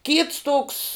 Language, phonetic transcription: Lithuanian, kyts toks

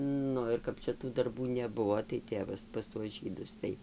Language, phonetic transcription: Lithuanian, ˈnu ir ˈkap čia tų darˈbų neˈbuvo tai ˈtėvas pas tuos ˈžydus tai

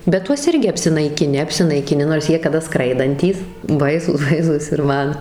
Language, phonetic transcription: Lithuanian, bet ˈtuos ˈirgi apsinaikiˈni apsinaikiˈni nors ˈjie kaˈda ˈskraidantys ˈbaisūs ˈbaisūs ir ˈman

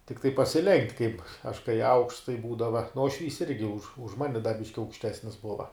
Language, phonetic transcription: Lithuanian, tikˈtai pasiˈlenkt' kaip aš kai aukšts tai ˈbūdava nu uošˈvys ˈirgi už už ˈmani da ˈbiški aukšˈtesnis ˈbuva

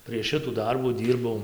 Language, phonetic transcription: Lithuanian, prieš ˈšitų ˈdarbų ˈdyrbau

